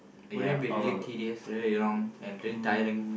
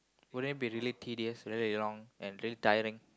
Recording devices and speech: boundary microphone, close-talking microphone, conversation in the same room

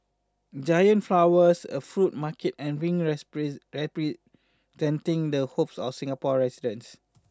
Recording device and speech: standing microphone (AKG C214), read sentence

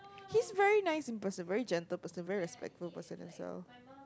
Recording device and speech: close-talking microphone, conversation in the same room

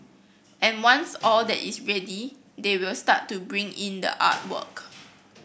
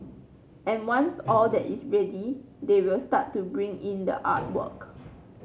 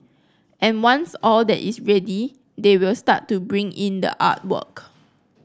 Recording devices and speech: boundary microphone (BM630), mobile phone (Samsung C9), close-talking microphone (WH30), read sentence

